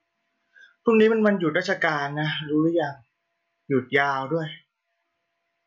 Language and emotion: Thai, frustrated